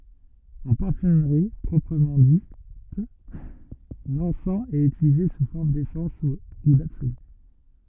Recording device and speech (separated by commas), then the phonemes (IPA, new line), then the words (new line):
rigid in-ear microphone, read sentence
ɑ̃ paʁfymʁi pʁɔpʁəmɑ̃ dit lɑ̃sɑ̃ ɛt ytilize su fɔʁm desɑ̃s u dabsoly
En parfumerie proprement dite, l'encens est utilisé sous forme d'essence ou d'absolue.